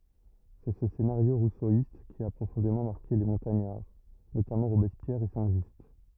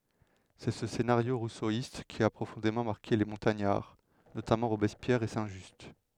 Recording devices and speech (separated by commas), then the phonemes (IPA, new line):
rigid in-ear microphone, headset microphone, read sentence
sɛ sə senaʁjo ʁusoist ki a pʁofɔ̃demɑ̃ maʁke le mɔ̃taɲaʁ notamɑ̃ ʁobɛspjɛʁ e sɛ̃ ʒyst